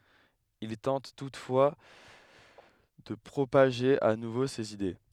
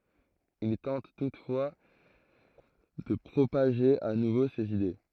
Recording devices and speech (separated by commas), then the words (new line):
headset microphone, throat microphone, read sentence
Il tente toutefois de propager à nouveau ses idées.